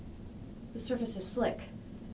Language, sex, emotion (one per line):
English
female
neutral